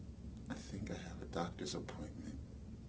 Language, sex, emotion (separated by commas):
English, male, neutral